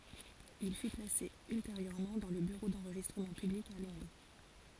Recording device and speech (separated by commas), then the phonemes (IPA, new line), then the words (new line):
forehead accelerometer, read sentence
il fy plase ylteʁjøʁmɑ̃ dɑ̃ lə byʁo dɑ̃ʁʒistʁəmɑ̃ pyblik a lɔ̃dʁ
Il fut placé ultérieurement dans le Bureau d'enregistrement public à Londres.